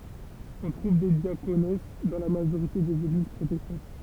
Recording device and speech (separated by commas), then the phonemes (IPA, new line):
temple vibration pickup, read sentence
ɔ̃ tʁuv de djakons dɑ̃ la maʒoʁite dez eɡliz pʁotɛstɑ̃t